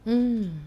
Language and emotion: Thai, frustrated